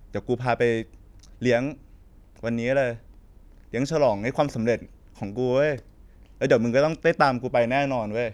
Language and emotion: Thai, neutral